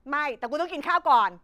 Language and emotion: Thai, angry